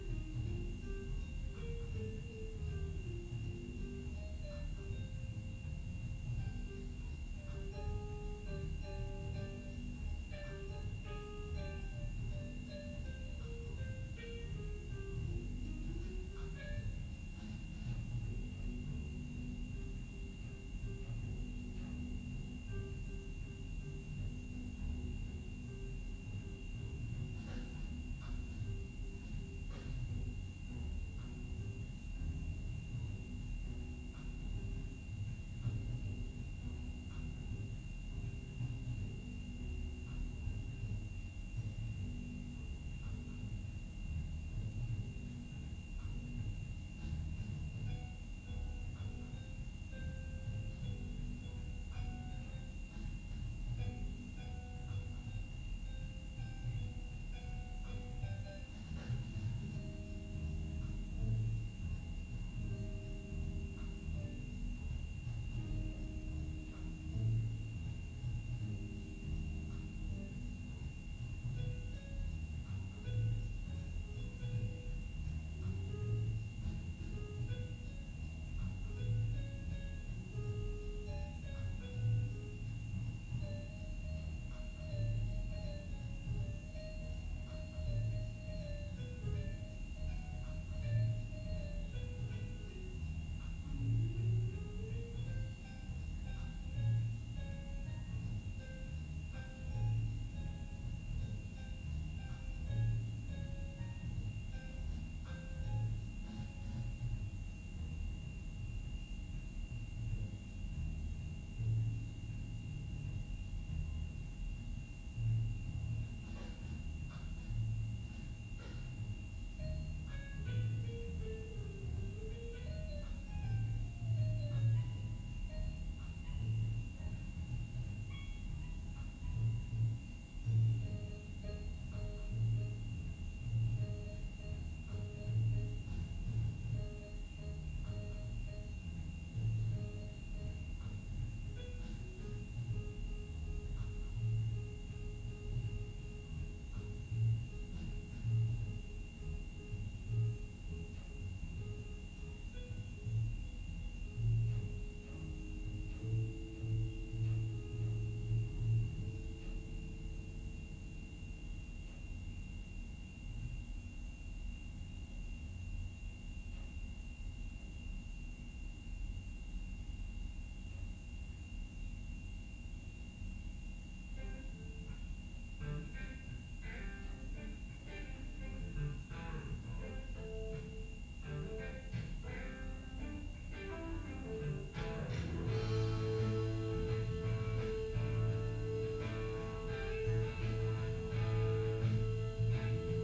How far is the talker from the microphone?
No main talker.